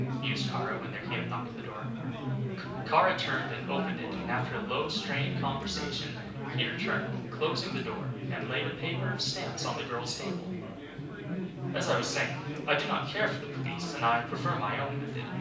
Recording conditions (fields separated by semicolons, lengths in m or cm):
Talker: one person; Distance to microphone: 5.8 m; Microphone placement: far; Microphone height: 1.8 m; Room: medium-sized (5.7 m by 4.0 m); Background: babble